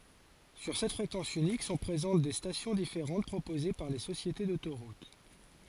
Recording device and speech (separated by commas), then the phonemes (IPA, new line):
forehead accelerometer, read sentence
syʁ sɛt fʁekɑ̃s ynik sɔ̃ pʁezɑ̃t de stasjɔ̃ difeʁɑ̃t pʁopoze paʁ le sosjete dotoʁut